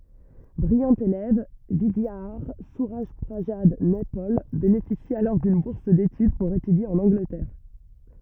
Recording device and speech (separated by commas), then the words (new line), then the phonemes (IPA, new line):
rigid in-ear microphone, read sentence
Brillant élève, Vidiadhar Surajprasad Naipaul bénéficie alors d'une bourse d'étude pour étudier en Angleterre.
bʁijɑ̃ elɛv vidjadaʁ syʁaʒpʁazad nɛpɔl benefisi alɔʁ dyn buʁs detyd puʁ etydje ɑ̃n ɑ̃ɡlətɛʁ